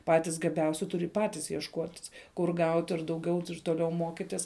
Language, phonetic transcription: Lithuanian, ˈpatis gaˈbiausi ˈturi ˈpatis jiešˈkuotis kur ˈgaut' ir dauˈgiau ir toˈliau ˈmokitis

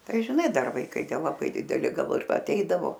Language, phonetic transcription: Lithuanian, ˈtai žiˈnai ˈdar vaiˈkai ˈtie laˈbai diˈdeli ˈgal ir aˈteidavo

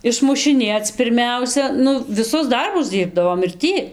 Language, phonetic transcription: Lithuanian, išmušiˈnėc pirˈmiausia ˈnu viˈsus ˈdarbus ˈdyrbdavom ir ˈtį

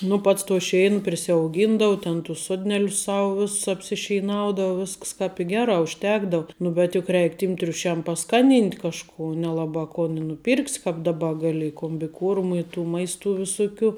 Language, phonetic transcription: Lithuanian, nu ˈpats to ˈšein prisiauˈgyndau ten tus ˈsodnelius ˈsau ˈviss apsišeiˈnaudau ˈvisks kāp i ˈgerā užˈtekdau ˈnu bet juk ˈreik tym triuˈšiam paˈskaˌnynt' kažˈkų nelaˈbā kon i nuˈpyrks' kāp daˈba ˈgali i kombiˈkuormu i tų ˈmaistu viˈsukiu

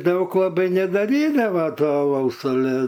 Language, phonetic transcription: Lithuanian, ˈdaug laˈbai nedaˈrydava ˈto aˈlaus aˈle

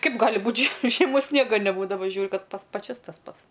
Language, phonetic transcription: Lithuanian, ˈkaip ˈgali ˈbūt' žie žieˈmos ˈsniega neˈbūdava ˈžiūriu ˈkad ˈpas paˈčias tas ˈpats

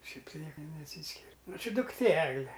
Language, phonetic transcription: Lithuanian, ˈšiaip tai ˈnieka neˈsyskir' ˈnu ˈči dukˈtė ˈegle

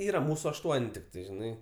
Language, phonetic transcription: Lithuanian, ˈyra ˈmūsu ašˈtuon' tikˈtai žiˈnai

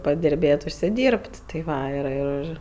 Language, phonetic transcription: Lithuanian, padirˈbėt' užsiˈdyr'b't' tai ˈva ir ir ˈir

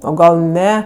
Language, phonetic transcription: Lithuanian, o ˈgal ˈne

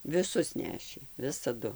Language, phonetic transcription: Lithuanian, viˈsus ˈnešė visaˈdu

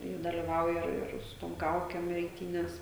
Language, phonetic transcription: Lithuanian, i daliˈvauja ˈir ˈir su ˈtom ˈkaukem eiˈtynes

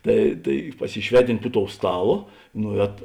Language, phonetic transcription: Lithuanian, ˈtai tai pasiˈšveˌtint' pu tou ˈstaˌlo ˈnuˌēto

